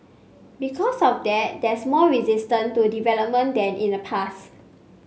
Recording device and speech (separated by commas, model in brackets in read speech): mobile phone (Samsung C5), read sentence